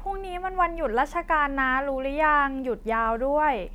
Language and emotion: Thai, neutral